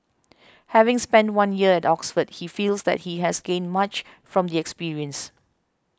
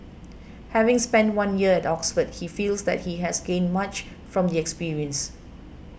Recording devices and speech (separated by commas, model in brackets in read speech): close-talking microphone (WH20), boundary microphone (BM630), read sentence